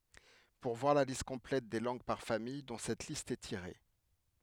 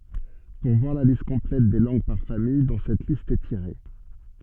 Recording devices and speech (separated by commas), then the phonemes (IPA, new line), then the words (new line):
headset microphone, soft in-ear microphone, read sentence
puʁ vwaʁ la list kɔ̃plɛt de lɑ̃ɡ paʁ famij dɔ̃ sɛt list ɛ tiʁe
Pour voir la liste complète des langues par famille dont cette liste est tirée.